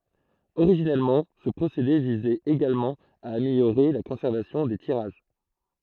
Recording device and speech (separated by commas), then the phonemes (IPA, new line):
throat microphone, read sentence
oʁiʒinɛlmɑ̃ sə pʁosede vizɛt eɡalmɑ̃ a ameljoʁe la kɔ̃sɛʁvasjɔ̃ de tiʁaʒ